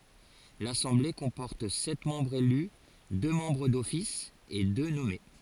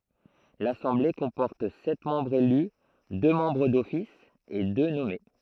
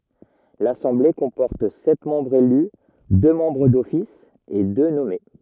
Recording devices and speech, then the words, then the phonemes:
forehead accelerometer, throat microphone, rigid in-ear microphone, read sentence
L'assemblée comporte sept membres élus, deux membres d'office et deux nommés.
lasɑ̃ble kɔ̃pɔʁt sɛt mɑ̃bʁz ely dø mɑ̃bʁ dɔfis e dø nɔme

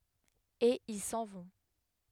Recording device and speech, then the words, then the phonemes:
headset microphone, read sentence
Et ils s'en vont.
e il sɑ̃ vɔ̃

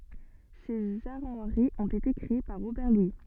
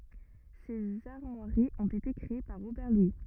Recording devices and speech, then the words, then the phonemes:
soft in-ear microphone, rigid in-ear microphone, read sentence
Ces armoiries ont été créées par Robert Louis.
sez aʁmwaʁiz ɔ̃t ete kʁee paʁ ʁobɛʁ lwi

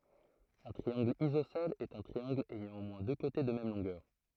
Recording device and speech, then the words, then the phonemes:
throat microphone, read sentence
Un triangle isocèle est un triangle ayant au moins deux côtés de même longueur.
œ̃ tʁiɑ̃ɡl izosɛl ɛt œ̃ tʁiɑ̃ɡl ɛjɑ̃ o mwɛ̃ dø kote də mɛm lɔ̃ɡœʁ

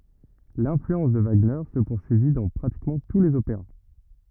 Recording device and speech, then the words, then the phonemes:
rigid in-ear microphone, read sentence
L’influence de Wagner se poursuivit dans pratiquement tous les opéras.
lɛ̃flyɑ̃s də vaɡnɛʁ sə puʁsyivi dɑ̃ pʁatikmɑ̃ tu lez opeʁa

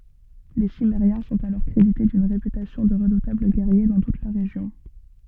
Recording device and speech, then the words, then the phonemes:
soft in-ear microphone, read sentence
Les Cimmériens sont alors crédités d'une réputation de redoutables guerriers dans toute la région.
le simmeʁjɛ̃ sɔ̃t alɔʁ kʁedite dyn ʁepytasjɔ̃ də ʁədutabl ɡɛʁje dɑ̃ tut la ʁeʒjɔ̃

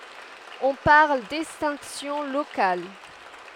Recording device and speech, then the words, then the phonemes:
headset microphone, read sentence
On parle d'extinction locale.
ɔ̃ paʁl dɛkstɛ̃ksjɔ̃ lokal

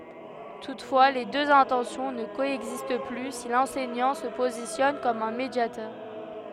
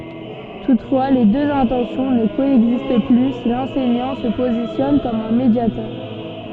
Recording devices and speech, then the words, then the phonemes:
headset microphone, soft in-ear microphone, read sentence
Toutefois, les deux intentions ne coexistent plus si l'enseignant se positionne comme un médiateur.
tutfwa le døz ɛ̃tɑ̃sjɔ̃ nə koɛɡzist ply si lɑ̃sɛɲɑ̃ sə pozisjɔn kɔm œ̃ medjatœʁ

